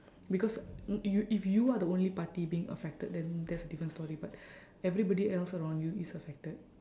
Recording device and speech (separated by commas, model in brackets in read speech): standing microphone, conversation in separate rooms